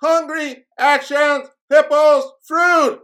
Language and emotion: English, neutral